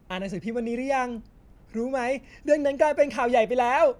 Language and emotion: Thai, happy